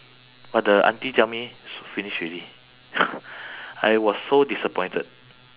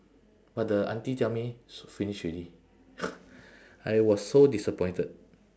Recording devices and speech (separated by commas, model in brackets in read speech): telephone, standing microphone, conversation in separate rooms